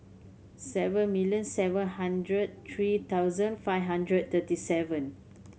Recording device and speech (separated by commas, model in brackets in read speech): mobile phone (Samsung C7100), read sentence